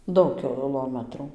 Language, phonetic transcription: Lithuanian, ˈdaug kiˈlomatrų

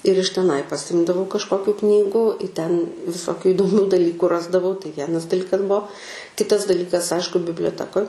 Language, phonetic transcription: Lithuanian, ir iš teˈnai paˈsimdavau kažˈkokių ˈknygų i ten viˈsokių idoˈmių daˈlyku ˈrasdavau tai ˈvienas daˈlykas ˈbuo ˈkitas daˈlykas ˈaišku biblioˈtekoj

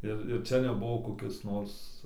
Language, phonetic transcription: Lithuanian, ˈir ir ˈčia neˈbuvo koˈkis ˈnors

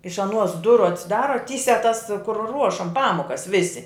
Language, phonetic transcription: Lithuanian, iš aˈnuos ˈduru atsiˈdara ˈtysiā tas kur ˈruošam ˈpamokas ˈvisi

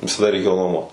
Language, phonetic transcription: Lithuanian, visaˈda reiˈkėjo nuoˈmuot

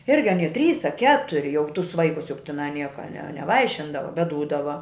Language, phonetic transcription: Lithuanian, ˈirgi aˈnie a trys a ˈketuri jau tus ˈvaikus juk tiˈnai ˈnieka ne neˈvaišindava bet dūdava

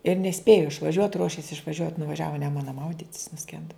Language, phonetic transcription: Lithuanian, ir neˈspėju išvaˈžiuot ˈruošės išvaˈžiuot nuvaˈžiavo i ˈnemuna ˈmaudit's nuˈskenda

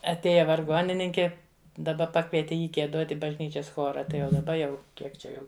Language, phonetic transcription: Lithuanian, atˈėja varˈgonininki daˈba ˈpakvieti ˈjį gieˈdot' i bažˈnyčias ˈchora ˈtai jau daˈba jau ˈkiek čia ˈjau

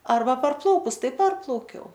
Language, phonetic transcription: Lithuanian, ˈarba parˈplaukus ˈtai ˈparplaukiau

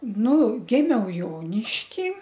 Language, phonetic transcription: Lithuanian, ˈnu ˈgimiau ˈjonišky

